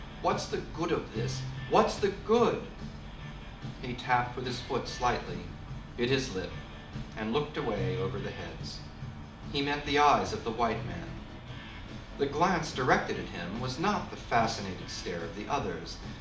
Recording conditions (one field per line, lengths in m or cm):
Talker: one person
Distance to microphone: 2.0 m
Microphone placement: close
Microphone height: 99 cm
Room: medium-sized (5.7 m by 4.0 m)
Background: music